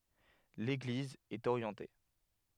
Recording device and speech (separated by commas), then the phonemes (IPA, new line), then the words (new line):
headset microphone, read sentence
leɡliz ɛt oʁjɑ̃te
L'église est orientée.